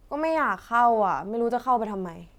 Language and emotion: Thai, frustrated